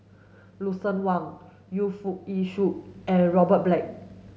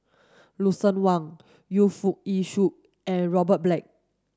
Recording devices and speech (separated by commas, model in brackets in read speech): mobile phone (Samsung S8), standing microphone (AKG C214), read sentence